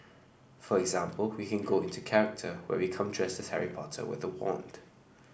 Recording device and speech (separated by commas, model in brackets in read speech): boundary microphone (BM630), read sentence